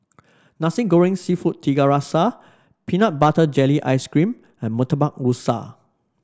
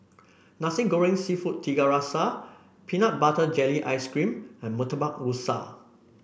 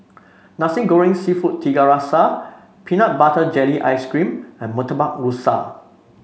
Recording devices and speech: standing microphone (AKG C214), boundary microphone (BM630), mobile phone (Samsung C5), read sentence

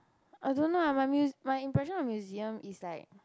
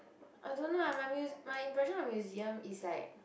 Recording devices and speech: close-talking microphone, boundary microphone, conversation in the same room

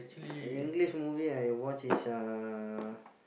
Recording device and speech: boundary microphone, conversation in the same room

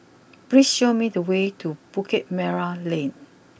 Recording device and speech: boundary microphone (BM630), read sentence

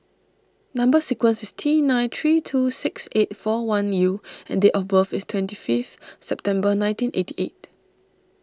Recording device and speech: standing microphone (AKG C214), read sentence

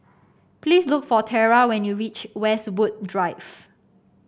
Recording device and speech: boundary microphone (BM630), read sentence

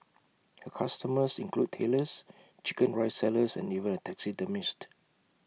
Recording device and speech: mobile phone (iPhone 6), read sentence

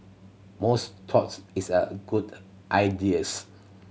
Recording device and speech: mobile phone (Samsung C7100), read sentence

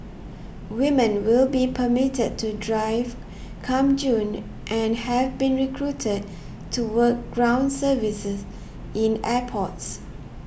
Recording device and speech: boundary microphone (BM630), read sentence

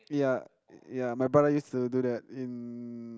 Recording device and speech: close-talking microphone, conversation in the same room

